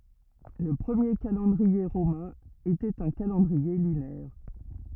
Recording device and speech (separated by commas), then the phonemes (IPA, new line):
rigid in-ear microphone, read sentence
lə pʁəmje kalɑ̃dʁie ʁomɛ̃ etɛt œ̃ kalɑ̃dʁie lynɛʁ